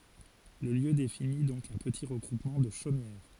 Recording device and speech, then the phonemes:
forehead accelerometer, read sentence
lə ljø defini dɔ̃k œ̃ pəti ʁəɡʁupmɑ̃ də ʃomjɛʁ

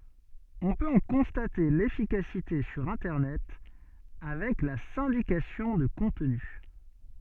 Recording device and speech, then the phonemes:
soft in-ear microphone, read sentence
ɔ̃ pøt ɑ̃ kɔ̃state lefikasite syʁ ɛ̃tɛʁnɛt avɛk la sɛ̃dikasjɔ̃ də kɔ̃tny

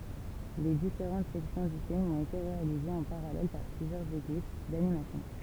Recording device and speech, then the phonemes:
temple vibration pickup, read sentence
le difeʁɑ̃t sɛksjɔ̃ dy film ɔ̃t ete ʁealizez ɑ̃ paʁalɛl paʁ plyzjœʁz ekip danimasjɔ̃

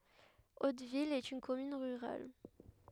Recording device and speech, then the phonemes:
headset microphone, read sentence
otvil ɛt yn kɔmyn ʁyʁal

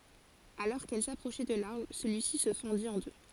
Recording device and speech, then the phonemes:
forehead accelerometer, read sentence
alɔʁ kɛl sapʁoʃɛ də laʁbʁ səlyisi sə fɑ̃dit ɑ̃ dø

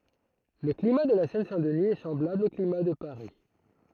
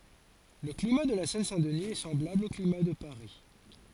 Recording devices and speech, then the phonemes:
throat microphone, forehead accelerometer, read sentence
lə klima də la sɛn sɛ̃ dəni ɛ sɑ̃blabl o klima də paʁi

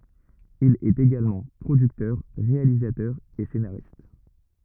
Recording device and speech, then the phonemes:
rigid in-ear microphone, read sentence
il ɛt eɡalmɑ̃ pʁodyktœʁ ʁealizatœʁ e senaʁist

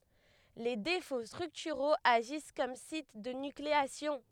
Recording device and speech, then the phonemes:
headset microphone, read sentence
le defo stʁyktyʁoz aʒis kɔm sit də nykleasjɔ̃

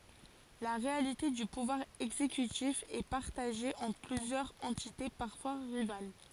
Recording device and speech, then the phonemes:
forehead accelerometer, read sentence
la ʁealite dy puvwaʁ ɛɡzekytif ɛ paʁtaʒe ɑ̃tʁ plyzjœʁz ɑ̃tite paʁfwa ʁival

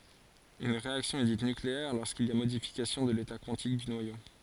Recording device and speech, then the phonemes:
forehead accelerometer, read sentence
yn ʁeaksjɔ̃ ɛ dit nykleɛʁ loʁskil i a modifikasjɔ̃ də leta kwɑ̃tik dy nwajo

